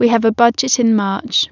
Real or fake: real